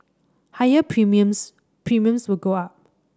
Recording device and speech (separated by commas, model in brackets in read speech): standing microphone (AKG C214), read sentence